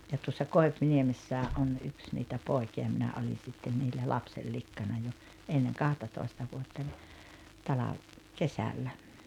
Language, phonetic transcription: Finnish, ja tuossa "Koi̬pniemessää’ ’on ’yks niitä 'pòi̬ki₍a minä 'oli sitten niillä "lapsellikkana jo , enneŋ "kahtatòista 'vuottań , 'talav- , "kesällä .
- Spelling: ja tuossa Koipiniemessä on yksi niitä poikia minä oli sitten niillä lapsenlikkana jo ennen kahtatoista vuotta - kesällä

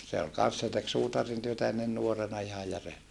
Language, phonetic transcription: Finnish, se ol kan̬s se tek suutarintyötä ennen nuorena ihaj jär .
- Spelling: se oli kanssa se teki suutarintyötä ennen nuorena ihan järjestään

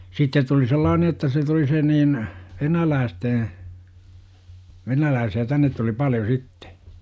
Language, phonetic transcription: Finnish, sittet tuli 'sellaane jotta se tuli se niin , "venäläästee , 'venälääsi₍ä tännet tuli 'paljo "sittE .
- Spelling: sitten tuli sellainen jotta se tuli se niin venäläisten Venäläisiä tänne tuli paljon sitten

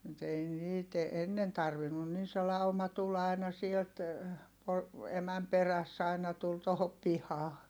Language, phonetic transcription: Finnish, mut ‿ei niit , ennen tarvinnun - nin se lauma tul ‿ai̮na sielt , po- , emäm peräss ‿aina tul tohop pihaa .
- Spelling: mutta ei niitä ennen tarvinnut niin se lauma tuli aina sieltä - emän perässä aina tuli tuohon pihaan

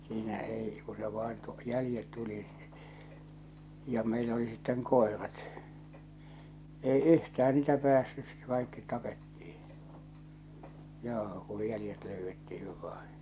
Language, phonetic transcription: Finnish, siinä 'ei , ku se vain tu- , 'jälⁱjet tuli , ja meilä oli sitteŋ 'kòerat , 'ei "yhtää niitä päässys̳ , 'kàikkit 'tapettiiḭ , joo , kuj 'jälⁱjet löyvvettihiv vaiḭ .
- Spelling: siinä ei kun se vain - jäljet tuli ja meillä oli sitten koirat ei yhtään niitä päässyt kaikki tapettiin joo kun jäljet löydettiin vain

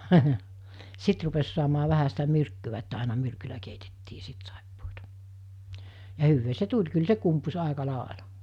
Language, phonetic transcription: Finnish, 'sit rupes suamaa 'vähä sitä 'myrkkyvä että àina 'myrkylä keitettii 'sit sàippoota , ja 'hyvvee 'se "tuĺ kyl 'se kumpus 'àeka 'làela .
- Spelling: sitten rupesi saamaan vähän sitä myrkkyä että aina myrkyllä keitettiin sitten saippuaa ja hyvää se tuli kyllä se kumpusi aika lailla

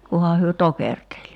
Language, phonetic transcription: Finnish, 'kuha hyö "tokerteĺ .
- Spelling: kunhan he tokerteli

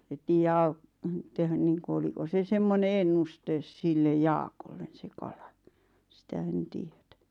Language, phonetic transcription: Finnish, et tiijjä aut- , tehän niiŋku 'oliko se 'semmone "ennustes sillej 'Jaakollen se 'kala , 'sⁱtä en 'tiet̳ä .
- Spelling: että tiedä - tehdä niin kuin oliko se semmoinen ennuste sille Jaakolle se kala sitä en tiedä

